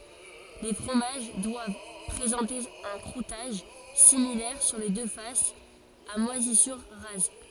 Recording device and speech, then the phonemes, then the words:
forehead accelerometer, read sentence
le fʁomaʒ dwav pʁezɑ̃te œ̃ kʁutaʒ similɛʁ syʁ le dø fasz a mwazisyʁ ʁaz
Les fromages doivent présenter un croûtage, similaire sur les deux faces, à moisissures rases.

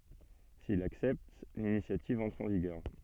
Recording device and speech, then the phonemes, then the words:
soft in-ear microphone, read sentence
sil laksɛpt linisjativ ɑ̃tʁ ɑ̃ viɡœʁ
S'il l'accepte, l'initiative entre en vigueur.

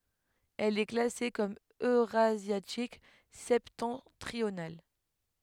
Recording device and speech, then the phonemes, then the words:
headset microphone, read sentence
ɛl ɛ klase kɔm øʁazjatik sɛptɑ̃tʁional
Elle est classée comme eurasiatique septentrional.

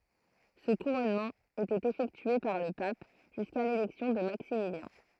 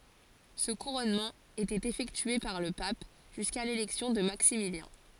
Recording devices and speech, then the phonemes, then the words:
throat microphone, forehead accelerometer, read sentence
sə kuʁɔnmɑ̃ etɛt efɛktye paʁ lə pap ʒyska lelɛksjɔ̃ də maksimiljɛ̃
Ce couronnement était effectué par le pape, jusqu'à l'élection de Maximilien.

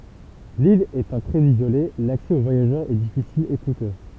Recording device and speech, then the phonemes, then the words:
temple vibration pickup, read sentence
lil etɑ̃ tʁɛz izole laksɛ o vwajaʒœʁz ɛ difisil e kutø
L'ile étant très isolée, l'accès aux voyageurs est difficile, et coûteux.

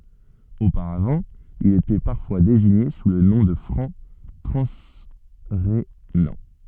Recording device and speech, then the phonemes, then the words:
soft in-ear microphone, read sentence
opaʁavɑ̃ ilz etɛ paʁfwa deziɲe su lə nɔ̃ də fʁɑ̃ tʁɑ̃sʁenɑ̃
Auparavant, ils étaient parfois désignés sous le nom de Francs transrhénans.

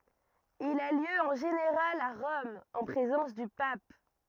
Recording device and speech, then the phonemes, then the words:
rigid in-ear microphone, read sentence
il a ljø ɑ̃ ʒeneʁal a ʁɔm ɑ̃ pʁezɑ̃s dy pap
Il a lieu en général à Rome, en présence du pape.

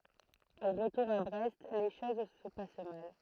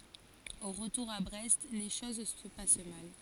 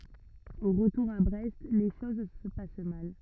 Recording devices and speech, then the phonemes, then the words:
throat microphone, forehead accelerometer, rigid in-ear microphone, read sentence
o ʁətuʁ a bʁɛst le ʃoz sə pas mal
Au retour à Brest, les choses se passent mal.

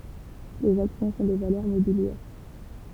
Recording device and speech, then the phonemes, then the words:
temple vibration pickup, read sentence
lez aksjɔ̃ sɔ̃ de valœʁ mobiljɛʁ
Les actions sont des valeurs mobilières.

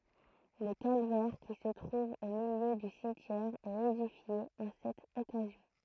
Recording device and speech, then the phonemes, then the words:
throat microphone, read sentence
lə kalvɛʁ ki sə tʁuv o miljø dy simtjɛʁ ɛt edifje ɑ̃ sɛt ɔkazjɔ̃
Le calvaire qui se trouve au milieu du cimetière est édifié en cette occasion.

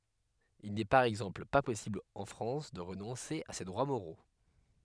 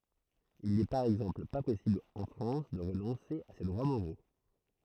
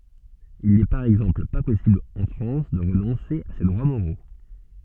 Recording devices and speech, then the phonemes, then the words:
headset microphone, throat microphone, soft in-ear microphone, read sentence
il nɛ paʁ ɛɡzɑ̃pl pa pɔsibl ɑ̃ fʁɑ̃s də ʁənɔ̃se a se dʁwa moʁo
Il n'est par exemple pas possible en France de renoncer à ses droits moraux.

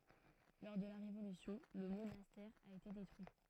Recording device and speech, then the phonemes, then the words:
throat microphone, read sentence
lɔʁ də la ʁevolysjɔ̃ lə monastɛʁ a ete detʁyi
Lors de la Révolution, le monastère a été détruit.

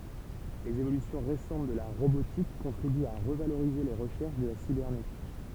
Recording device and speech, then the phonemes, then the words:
temple vibration pickup, read sentence
lez evolysjɔ̃ ʁesɑ̃t də la ʁobotik kɔ̃tʁibyt a ʁəvaloʁize le ʁəʃɛʁʃ də la sibɛʁnetik
Les évolutions récentes de la robotique contribuent à revaloriser les recherches de la cybernétique.

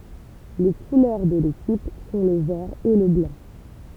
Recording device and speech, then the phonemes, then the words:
temple vibration pickup, read sentence
le kulœʁ də lekip sɔ̃ lə vɛʁ e lə blɑ̃
Les couleurs de l'équipe sont le vert et le blanc.

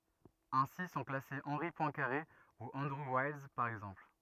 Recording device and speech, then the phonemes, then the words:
rigid in-ear microphone, read sentence
ɛ̃si sɔ̃ klase ɑ̃ʁi pwɛ̃kaʁe u ɑ̃dʁu wajls paʁ ɛɡzɑ̃pl
Ainsi sont classés Henri Poincaré ou Andrew Wiles, par exemple.

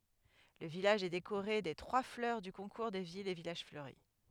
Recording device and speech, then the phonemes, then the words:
headset microphone, read sentence
lə vilaʒ ɛ dekoʁe de tʁwa flœʁ dy kɔ̃kuʁ de vilz e vilaʒ fløʁi
Le village est décoré des trois fleurs du concours des villes et villages fleuris.

